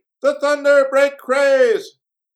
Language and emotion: English, neutral